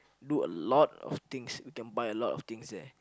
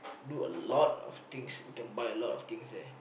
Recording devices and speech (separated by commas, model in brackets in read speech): close-talking microphone, boundary microphone, conversation in the same room